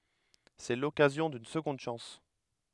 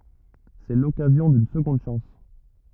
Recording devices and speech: headset microphone, rigid in-ear microphone, read sentence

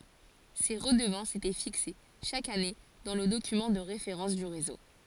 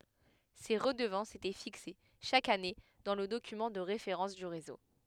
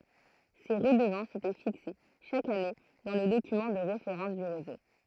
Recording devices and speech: forehead accelerometer, headset microphone, throat microphone, read sentence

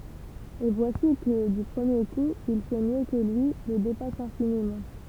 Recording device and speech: temple vibration pickup, read sentence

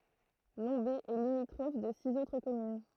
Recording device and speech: throat microphone, read sentence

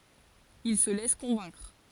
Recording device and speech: forehead accelerometer, read sentence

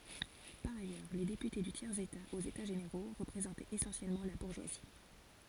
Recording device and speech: forehead accelerometer, read sentence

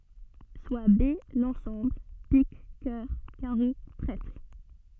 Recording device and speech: soft in-ear microphone, read sentence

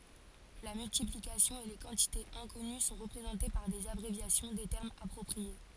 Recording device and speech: forehead accelerometer, read sentence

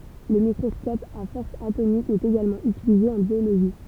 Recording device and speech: temple vibration pickup, read sentence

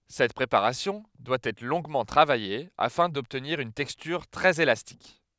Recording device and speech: headset microphone, read sentence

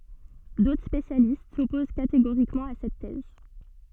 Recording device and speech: soft in-ear microphone, read sentence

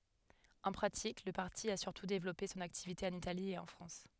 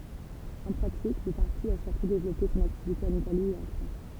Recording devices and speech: headset microphone, temple vibration pickup, read sentence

